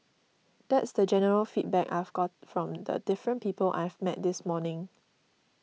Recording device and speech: mobile phone (iPhone 6), read sentence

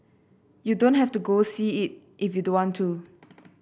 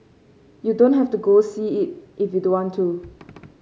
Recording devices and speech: boundary microphone (BM630), mobile phone (Samsung C5), read sentence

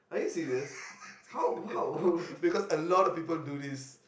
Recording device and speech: boundary microphone, conversation in the same room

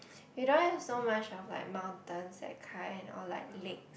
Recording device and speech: boundary microphone, conversation in the same room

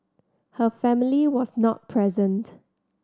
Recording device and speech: standing microphone (AKG C214), read sentence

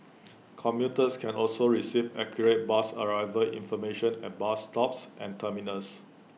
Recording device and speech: mobile phone (iPhone 6), read sentence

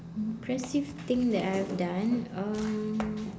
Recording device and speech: standing microphone, conversation in separate rooms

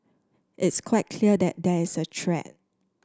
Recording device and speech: standing microphone (AKG C214), read sentence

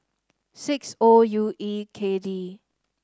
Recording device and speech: standing microphone (AKG C214), read sentence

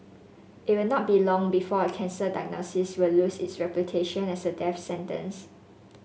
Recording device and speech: mobile phone (Samsung S8), read sentence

